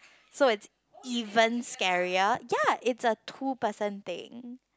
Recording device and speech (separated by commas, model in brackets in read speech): close-talking microphone, conversation in the same room